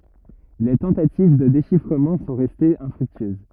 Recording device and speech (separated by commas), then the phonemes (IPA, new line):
rigid in-ear microphone, read sentence
le tɑ̃tativ də deʃifʁəmɑ̃ sɔ̃ ʁɛstez ɛ̃fʁyktyøz